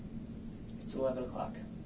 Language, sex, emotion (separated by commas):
English, male, neutral